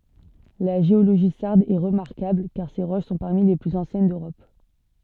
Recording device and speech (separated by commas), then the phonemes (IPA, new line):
soft in-ear microphone, read sentence
la ʒeoloʒi saʁd ɛ ʁəmaʁkabl kaʁ se ʁoʃ sɔ̃ paʁmi le plyz ɑ̃sjɛn døʁɔp